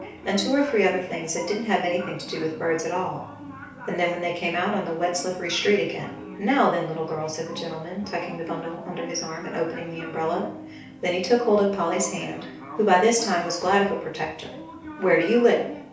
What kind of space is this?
A small space.